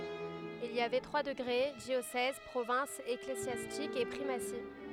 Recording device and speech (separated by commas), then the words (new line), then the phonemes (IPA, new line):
headset microphone, read sentence
Il y avait trois degrés, diocèse, province ecclésiastique et primatie.
il i avɛ tʁwa dəɡʁe djosɛz pʁovɛ̃s eklezjastik e pʁimasi